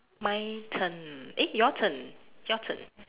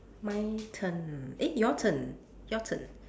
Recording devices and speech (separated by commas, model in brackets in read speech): telephone, standing microphone, conversation in separate rooms